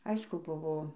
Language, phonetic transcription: Lithuanian, ˈaišku ˈbuvo

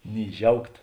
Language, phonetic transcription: Lithuanian, ny ˈžiaugt

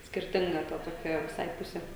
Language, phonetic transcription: Lithuanian, skirˈtinga ˈta toˈkia viˈsai ˈpuse

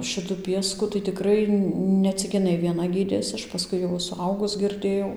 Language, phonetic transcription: Lithuanian, ˈšitu ˈpiesku tai tiˈkrai ne ˈcik iˈnai vieˈna ˈgydėsi ˈaš paˈskui jau suˈaugus girˈdėjau

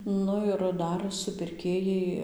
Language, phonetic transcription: Lithuanian, ˈnu ir ˈdar supirˈkėjai

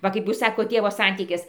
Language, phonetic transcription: Lithuanian, ˈva kaip ˈjūs ˈsakot ˈtėvo ˈsantykis

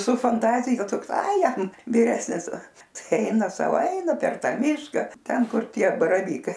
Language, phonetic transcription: Lithuanian, su fanˈtazija ˈtoks ai ˈjam viˈresnis ˈtai ˈaina ˈsau ˈeina per ˈtą ˈmiška ˈten ˈkur ˈtie baraˈvykai

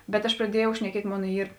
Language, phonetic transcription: Lithuanian, bet aš praˈdiejau šneˈkiet' ˈmon ˈyr

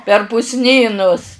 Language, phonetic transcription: Lithuanian, per pusˈnynus

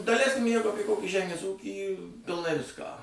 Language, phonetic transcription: Lithuanian, daˈleiskim ˈjeigu ˈapie kˈokį ˈžemės ˈūkį pilˈnai ˈviską

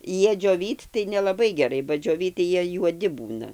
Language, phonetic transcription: Lithuanian, ˈjie džioˈvyt tai nelaˈbai geˈrai ba džioˈvyt tai ˈjie juoˈdi ˈbūna

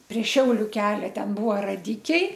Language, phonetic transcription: Lithuanian, prie ˈšiauliu ˈkelia ˈten ˈbūva raˈdikiai

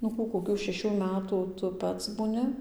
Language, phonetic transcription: Lithuanian, nu ˈkų koˈkių šeˈšių ˈmetų ˈtu ˈpats būˈni

